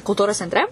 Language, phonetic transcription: Lithuanian, kulˈtūros centˈre

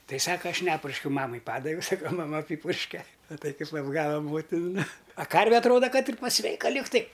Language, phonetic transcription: Lithuanian, ˈtai ˈsaka ˈaš ˈnepurškiau ˈmamai ˈpadaviau ˈsaka maˈma ˈapypurške maˈtai kaip apˈgava ˈmotin nu a ˈkarve atˈroda ˈkad ir paˈsveika ˈligtai

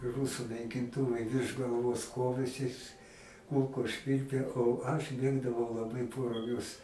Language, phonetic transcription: Lithuanian, i ˈrūsu naikinˈtuvai virš galˈvos ˈkovėsis ˈkulkos ˈšvilpė o aš ˈmėgdavau laˈbai po ruˈgius

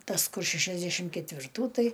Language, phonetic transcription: Lithuanian, ˈtas ˈkur šešiasˈdešim ketvirˈtų ˈtai

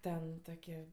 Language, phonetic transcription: Lithuanian, ˈten ˈtokie

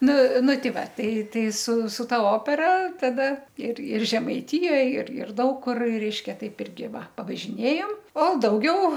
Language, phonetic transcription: Lithuanian, ˈnu ˈnu ˈti ˈva ˈtai ˈtai su su ˈta ˈopera taˈda ir ir žemaiˈtijoj ir ir ˈdaug kur ˈreiškia ˈtaip ˈirgi ˈva pavažiˈnėjom o dauˈgiau

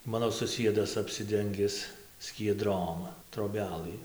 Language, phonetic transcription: Lithuanian, ˈmano suˈsiedas apsiˈdengis skieˈdrom troˈbelɨ

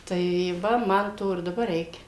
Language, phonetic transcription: Lithuanian, tai ˈva ˈman ˈto ir daˈbar ˈreikia

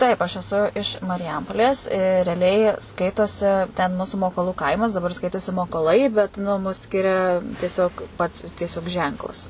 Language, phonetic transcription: Lithuanian, ˈtaip aš eˈsu iš mariˈjampolės reaˈliai ˈskaitosi ten ˈmūsu mokoˈlų ˈkaimas daˈbar ˈskaitosi mokoˈlai bet nu mus ˈskiria tieˈsiog pats tieˈsiog ˈženklas

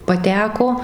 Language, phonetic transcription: Lithuanian, paˈteko

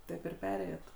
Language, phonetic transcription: Lithuanian, ˈtaip ir ˈperėjot

